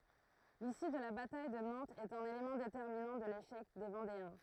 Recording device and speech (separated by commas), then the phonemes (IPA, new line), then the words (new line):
throat microphone, read sentence
lisy də la bataj də nɑ̃tz ɛt œ̃n elemɑ̃ detɛʁminɑ̃ də leʃɛk de vɑ̃deɛ̃
L'issue de la bataille de Nantes est un élément déterminant de l'échec des Vendéens.